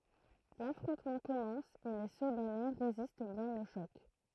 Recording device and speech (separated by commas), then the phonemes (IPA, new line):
throat microphone, read sentence
lafʁɔ̃tmɑ̃ kɔmɑ̃s e le sədanɛ ʁezist bjɛ̃n o ʃɔk